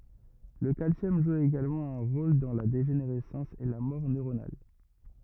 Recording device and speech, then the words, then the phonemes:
rigid in-ear microphone, read sentence
Le calcium joue également un rôle dans la dégénérescence et la mort neuronale.
lə kalsjɔm ʒu eɡalmɑ̃ œ̃ ʁol dɑ̃ la deʒeneʁɛsɑ̃s e la mɔʁ nøʁonal

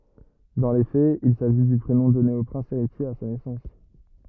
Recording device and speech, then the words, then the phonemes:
rigid in-ear microphone, read sentence
Dans les faits, il s'agit du prénom donné au prince héritier à sa naissance.
dɑ̃ le fɛz il saʒi dy pʁenɔ̃ dɔne o pʁɛ̃s eʁitje a sa nɛsɑ̃s

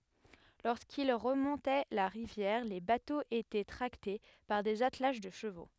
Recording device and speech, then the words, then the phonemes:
headset microphone, read sentence
Lorsqu'ils remontaient la rivière, les bateaux étaient tractés par des attelages de chevaux.
loʁskil ʁəmɔ̃tɛ la ʁivjɛʁ le batoz etɛ tʁakte paʁ dez atlaʒ də ʃəvo

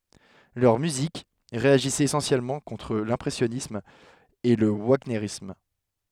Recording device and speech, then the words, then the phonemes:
headset microphone, read sentence
Leur musique réagissait essentiellement contre l'impressionnisme et le wagnérisme.
lœʁ myzik ʁeaʒisɛt esɑ̃sjɛlmɑ̃ kɔ̃tʁ lɛ̃pʁɛsjɔnism e lə vaɲeʁism

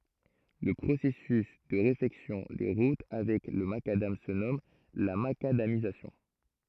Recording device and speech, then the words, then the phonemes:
throat microphone, read sentence
Le processus de réfection des routes avec le macadam se nomme la macadamisation.
lə pʁosɛsys də ʁefɛksjɔ̃ de ʁut avɛk lə makadam sə nɔm la makadamizasjɔ̃

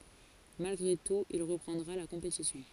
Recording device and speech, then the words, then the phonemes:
forehead accelerometer, read sentence
Malgré tout il reprendra la compétition.
malɡʁe tut il ʁəpʁɑ̃dʁa la kɔ̃petisjɔ̃

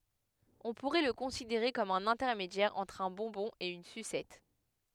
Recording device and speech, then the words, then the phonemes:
headset microphone, read sentence
On pourrait le considérer comme un intermédiaire entre un bonbon et une sucette.
ɔ̃ puʁɛ lə kɔ̃sideʁe kɔm œ̃n ɛ̃tɛʁmedjɛʁ ɑ̃tʁ œ̃ bɔ̃bɔ̃ e yn sysɛt

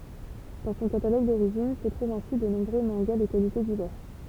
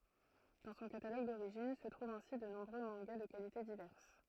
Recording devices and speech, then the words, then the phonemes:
temple vibration pickup, throat microphone, read sentence
Dans son catalogue d'origine se trouvent ainsi de nombreux mangas de qualités diverses.
dɑ̃ sɔ̃ kataloɡ doʁiʒin sə tʁuvt ɛ̃si də nɔ̃bʁø mɑ̃ɡa də kalite divɛʁs

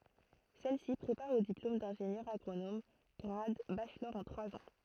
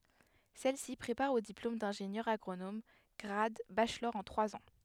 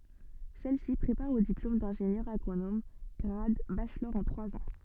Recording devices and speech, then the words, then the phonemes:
throat microphone, headset microphone, soft in-ear microphone, read sentence
Celle-ci prépare au diplôme d'ingénieur agronome grade Bachelor en trois ans.
sɛlsi pʁepaʁ o diplom dɛ̃ʒenjœʁ aɡʁonom ɡʁad baʃlɔʁ ɑ̃ tʁwaz ɑ̃

